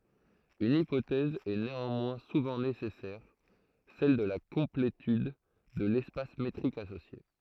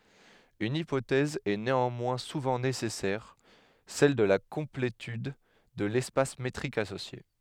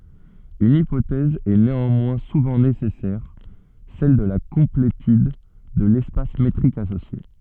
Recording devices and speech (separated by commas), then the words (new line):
throat microphone, headset microphone, soft in-ear microphone, read sentence
Une hypothèse est néanmoins souvent nécessaire, celle de la complétude de l'espace métrique associé.